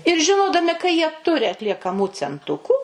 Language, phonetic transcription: Lithuanian, ir žiˈnodami ka jie ˈturi atliekaˈmų cenˈtukų

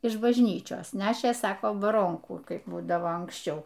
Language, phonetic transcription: Lithuanian, iš bažˈnyčios ˈnešė ˈsako baˈronkų ˈkaip ˈbūdavo anksˈčiau

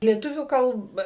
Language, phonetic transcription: Lithuanian, lieˈtuvių ˈkalb

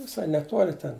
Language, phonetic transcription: Lithuanian, viˈsai neˈtuoli ten

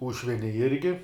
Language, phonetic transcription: Lithuanian, ˈūšvine ˈirgi

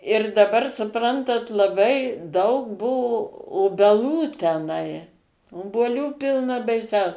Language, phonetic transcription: Lithuanian, ir daˈbar suˈprantat laˈbai ˈdaug ˈbuvo obeˈlų teˈnai obuoˈlių ˈpilna baiˈsiau

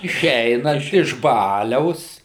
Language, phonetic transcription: Lithuanian, iˈšeinant iš ˈbaliaus

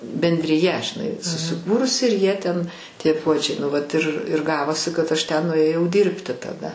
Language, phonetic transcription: Lithuanian, bendriˈja žiˈnai susiˈkūrusi ir ˈjie ten ˈtie ˈpuodžiai nu ˈvat ir ir ˈgavosi kad ˈaš ˈten nuėˈjau ˈdyrbti taˈda

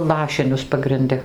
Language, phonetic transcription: Lithuanian, ˈlašinius pagrinˈdi

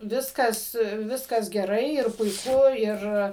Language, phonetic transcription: Lithuanian, ˈviskas vˈiskas geˈrai ir puiˈku ˈir

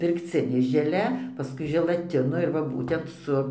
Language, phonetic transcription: Lithuanian, pirkˈcinė žeˈle paˈskui želaˈtino ir va ˈbūtent ˈsu

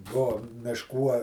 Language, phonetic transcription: Lithuanian, ˈbuo mišˈkų a

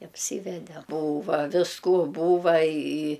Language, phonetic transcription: Lithuanian, apˈsyvede ˈbūva visˈkų ˈbūva i i

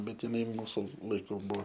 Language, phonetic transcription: Lithuanian, ˈbet jiˈnai ˈmūsu laiˈkų ˈbuo

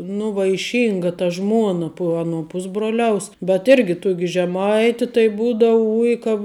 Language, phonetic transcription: Lithuanian, nu vaiˈšynga ta ˈžmuona pu ˈaˌnuo ˈpusbruoliaus bet ˈirgi ˈtuoki žeˈmaiti tai ˈbūdavu ˈuj ka

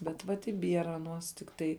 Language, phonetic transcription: Lithuanian, bet ˈvat i ˈbiera aˈnuos tikˈtai

